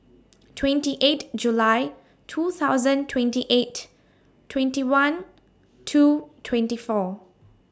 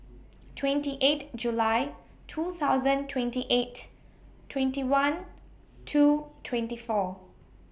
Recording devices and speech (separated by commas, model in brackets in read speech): standing microphone (AKG C214), boundary microphone (BM630), read sentence